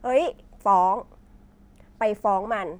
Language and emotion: Thai, neutral